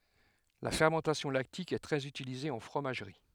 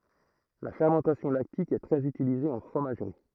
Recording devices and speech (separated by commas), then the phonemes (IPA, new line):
headset microphone, throat microphone, read sentence
la fɛʁmɑ̃tasjɔ̃ laktik ɛ tʁɛz ytilize ɑ̃ fʁomaʒʁi